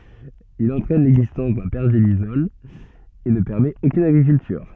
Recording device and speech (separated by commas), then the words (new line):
soft in-ear microphone, read sentence
Il entraîne l'existence d'un pergélisol et ne permet aucune agriculture.